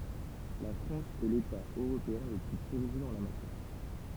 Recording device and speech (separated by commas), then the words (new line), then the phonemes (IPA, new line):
temple vibration pickup, read sentence
La France est l'État européen le plus pourvu en la matière.
la fʁɑ̃s ɛ leta øʁopeɛ̃ lə ply puʁvy ɑ̃ la matjɛʁ